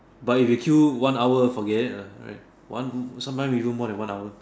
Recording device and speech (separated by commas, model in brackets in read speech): standing microphone, conversation in separate rooms